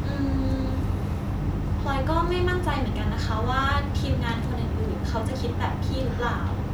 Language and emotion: Thai, neutral